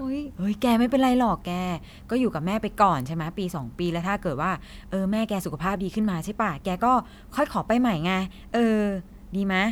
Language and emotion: Thai, neutral